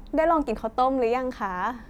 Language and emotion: Thai, happy